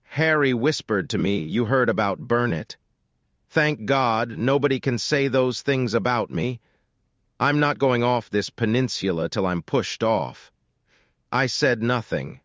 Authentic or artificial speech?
artificial